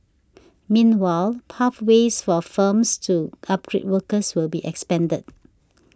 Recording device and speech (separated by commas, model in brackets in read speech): standing microphone (AKG C214), read sentence